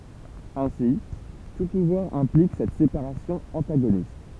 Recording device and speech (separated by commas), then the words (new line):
temple vibration pickup, read sentence
Ainsi, tout pouvoir implique cette séparation antagoniste.